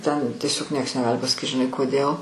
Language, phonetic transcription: Lithuanian, ˈten tieˈsiog ˈnieks neˈgali pasaˈkyt žiˈnai koˈdėl

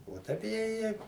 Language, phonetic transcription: Lithuanian, o ˈtaip je ˈje

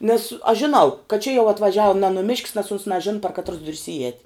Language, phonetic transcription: Lithuanian, nes aš žiˈnau kad čia jau atvaˈžiau ne nuˈmišk's nes uns naˈžin par katˈrus ˈdur's iˈēt'

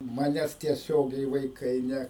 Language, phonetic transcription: Lithuanian, ˈmanes tieˈsiogiai vaiˈkai ˈne

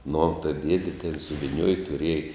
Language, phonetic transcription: Lithuanian, nu tai ˈdiedi ten suviˈniuoj tuˈriej

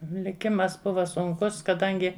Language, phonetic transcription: Lithuanian, liˈkimas ˈbuva sunˈkus kaˈdangi

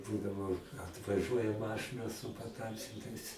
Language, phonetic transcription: Lithuanian, ˈbūdavo atvaˈžuoja ˈmašɨna su paˈtamsintais

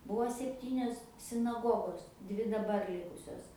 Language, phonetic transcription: Lithuanian, ˈbuo sepˈtynios sinaˈgogos ˈdvi daˈbar ˈlikusios

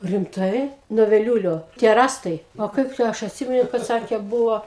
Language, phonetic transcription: Lithuanian, rimˈtai nuo veˈliūlio tie ˈrąstai o ˈkaip tai ˈaš atˈsimenu kad ˈsakė ˈbuvo

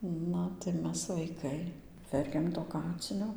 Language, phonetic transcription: Lithuanian, ˈna tai ˈmes vaiˈkai ˈverkiam to ˈkacinio

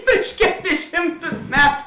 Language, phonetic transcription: Lithuanian, ˈpriš keˌlis ˈšimˌtus ˈmetu

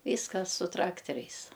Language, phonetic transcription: Lithuanian, ˈvyskas su ˈtrakteriais

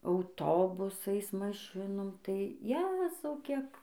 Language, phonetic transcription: Lithuanian, auˈtobusais maˈšinom tai ˈjezau ˈkiek

